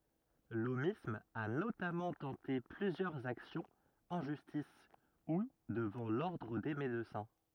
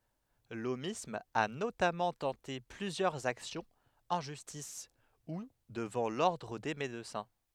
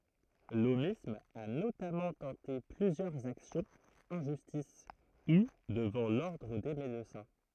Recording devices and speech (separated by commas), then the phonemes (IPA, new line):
rigid in-ear microphone, headset microphone, throat microphone, read sentence
lomism a notamɑ̃ tɑ̃te plyzjœʁz aksjɔ̃z ɑ̃ ʒystis u dəvɑ̃ lɔʁdʁ de medəsɛ̃